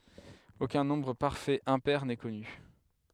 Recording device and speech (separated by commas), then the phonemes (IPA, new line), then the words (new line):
headset microphone, read sentence
okœ̃ nɔ̃bʁ paʁfɛt ɛ̃pɛʁ nɛ kɔny
Aucun nombre parfait impair n'est connu.